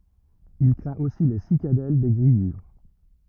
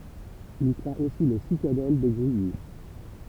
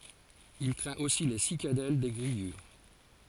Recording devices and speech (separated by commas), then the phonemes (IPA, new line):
rigid in-ear microphone, temple vibration pickup, forehead accelerometer, read sentence
il kʁɛ̃t osi le sikadɛl de ɡʁijyʁ